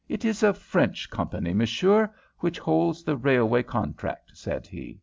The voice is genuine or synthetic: genuine